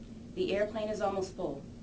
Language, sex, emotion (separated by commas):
English, female, neutral